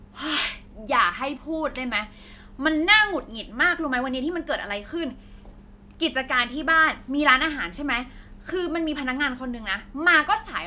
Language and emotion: Thai, angry